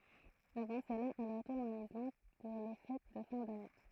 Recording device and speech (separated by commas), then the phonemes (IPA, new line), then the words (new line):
throat microphone, read sentence
avɑ̃ səla ɛl ʁətuʁn ɑ̃n islɑ̃d puʁ le fɛt də fɛ̃ dane
Avant cela, elle retourne en Islande pour les fêtes de fin d'année.